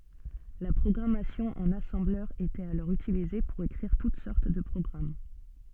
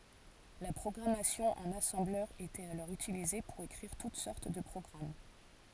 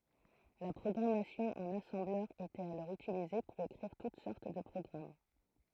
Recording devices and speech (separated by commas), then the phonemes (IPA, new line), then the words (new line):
soft in-ear microphone, forehead accelerometer, throat microphone, read sentence
la pʁɔɡʁamasjɔ̃ ɑ̃n asɑ̃blœʁ etɛt alɔʁ ytilize puʁ ekʁiʁ tut sɔʁt də pʁɔɡʁam
La programmation en assembleur était alors utilisée pour écrire toutes sortes de programmes.